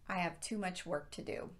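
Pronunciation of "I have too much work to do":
The intonation falls on 'I have too much work to do', as at the end of a complete sentence.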